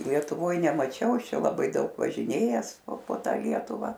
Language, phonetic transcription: Lithuanian, lietuˈvoj nemaˈčiau ˈaš ˈčia laˈbai ˈdaug važiˈnėjęs po ˈtą ˈlietuva

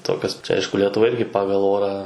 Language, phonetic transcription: Lithuanian, ˈtokios ˈaišku letuˈva ˈirgi ˈpagal ˈorą

